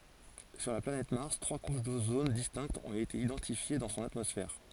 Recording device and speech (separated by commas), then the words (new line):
forehead accelerometer, read sentence
Sur la planète Mars, trois couches d'ozone distinctes ont été identifiées dans son atmosphère.